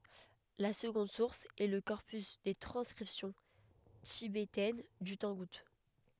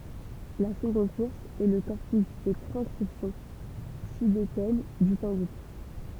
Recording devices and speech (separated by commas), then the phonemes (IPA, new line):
headset microphone, temple vibration pickup, read sentence
la səɡɔ̃d suʁs ɛ lə kɔʁpys de tʁɑ̃skʁipsjɔ̃ tibetɛn dy tɑ̃ɡut